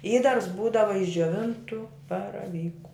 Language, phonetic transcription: Lithuanian, ˈįdars ˈbūdava iš džioˈvintu baraˈvyku

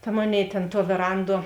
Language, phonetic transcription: Lithuanian, ta ˈmoˌnėi tėn tuo vėˈranˌduo

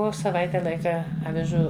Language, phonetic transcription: Lithuanian, ˈo saˈvaite ˈlaika aviˈžų avižų

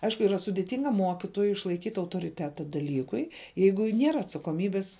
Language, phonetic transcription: Lithuanian, ˈaišku yˈra sudiˈtinga ˈmuokitojui išlaiˈkyt' autoriˈteta daˈlykui ˈjeigu ˈniera atsakoˈmybis

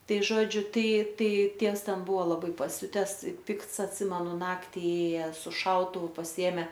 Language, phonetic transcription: Lithuanian, ˈtai ˈžodžiu ˈtai ˈtai ˈtievs ˈten ˈbuvo laˈbai paˈsiutes i ˈpikts atˈsimenu ˈnakti ˈėja su ˈšautuvu pasiˈėme

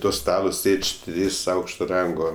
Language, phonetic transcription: Lithuanian, ˈto ˈstalo ˈsėdž' ˈtrys ˈaukšto ˈrango

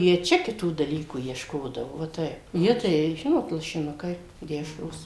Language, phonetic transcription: Lithuanian, ˈjie ˈčia kiˈtų daˈlykų iešˈkodavo va ˈtaip ˈjie ˈtai ˈžinot lašiˈnukai ˈdešros

